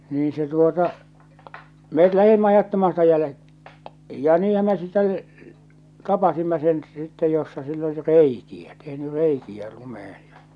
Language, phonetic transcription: Finnish, niiḭ se tuota , 'met 'lähimmä 'ajattamaa sitä jälᵉ- , ja 'niihäm me sit̆tɛ , 'tapasimma sen , sitte jossa sill ‿oli "reiki₍ä , tehny "reiki₍ä 'lumehen̬ ja .
- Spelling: niin se tuota me lähdimme ajattamaan sitä - ja niinhän me sitten tapasimme sen sitten jossa sillä oli reikiä tehnyt reikiä lumeen ja

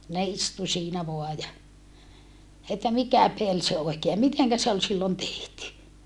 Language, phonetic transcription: Finnish, ne istu siinä voa ja , että mikä pel se oikee ja miteŋkä se ol sillon tehty .
- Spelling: ne istui siinä vain ja että mikä peli se oikein ja miten se oli silloin tehty

